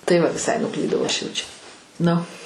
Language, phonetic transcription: Lithuanian, tai ˈva viˈsai nuˈklydau ˈaš ˈjau čia ˈnu

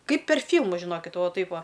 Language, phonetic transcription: Lithuanian, ˈkaip per ˈfylmus žiˈnokit ˈva ˈtaip ˈva

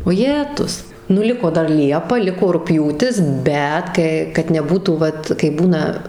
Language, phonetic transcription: Lithuanian, oˈjetus nu ˈliko ˈdar ˈliepa ˈliko rugˈpjūtis ˈbet ˈkə kad neˈbūtų ˈvat kai ˈbūna

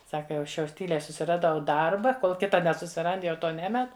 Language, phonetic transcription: Lithuanian, ˈsaka jau ˈaš jau ˈtyliai susiraˈdau ˈdarba ˈkol ˈkita nesusiˈrand jau ˈto ˈnemet

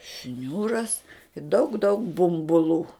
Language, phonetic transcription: Lithuanian, ˈšniūras daug daug bumbuˈlų

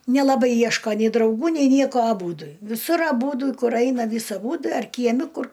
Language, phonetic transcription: Lithuanian, nelaˈbai ˈjieško nei drauˈgų nei ˈnieko aˈbūdu viˈsur aˈbūdu ˈkur ˈaina ˈvys aˈbu ar kieˈmi ˈkur

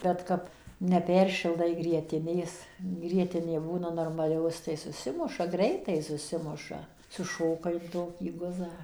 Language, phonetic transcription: Lithuanian, ˈbet kap neˈperšildai grieˈtinės ˈgrietinė ˈbūna normaˈlios tai suˈsimuša ˈgreitai suˈsimuša suˈšoka in ˈtokį ˈguzą

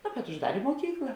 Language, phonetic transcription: Lithuanian, no bet užˈdarė muoˈkykla

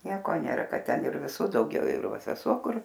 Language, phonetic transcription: Lithuanian, ˈnieko ˈnėra ˈkad ˈten ir viˈsų dauˈgiau ir ˈva seˈsuo ˈkur

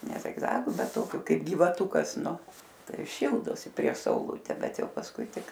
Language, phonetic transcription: Lithuanian, ne zigˈzagu bet ˈtokiu ˈkaip gyvaˈtukas ˈnu ˈtai ˈšyldosi prieš sauˈlute ˈbet ˈjau pasˈkui ˈtik

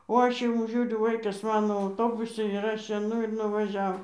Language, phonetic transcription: Lithuanian, o ˈaš iˈmu ˈžiūriu ˈvaikas ˈmano auˈtobusi ir ˈaš eiˈnu ir nuvaˈžiav

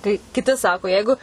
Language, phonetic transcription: Lithuanian, kai kiˈti ˈsako ˈjeigu

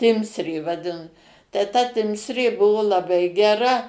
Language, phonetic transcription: Lithuanian, ˈtimsrė vaˈdin tai ta ˈtimsrė ˈbuvo laˈbai geˈra

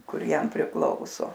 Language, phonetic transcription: Lithuanian, ˈkur ˈjam priˈklauso

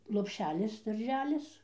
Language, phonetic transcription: Lithuanian, lopˈšelis darˈželis

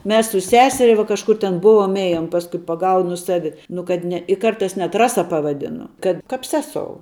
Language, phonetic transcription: Lithuanian, ˈmes su ˈseseria vo kažˈkur ten ˈbuvom ˈėjom pasˈkui paˈgaunu ˈsavi nu kad ˈne i ˈkartais net ˈrasa pavaˈdinu kad ˈkap ˈsesou

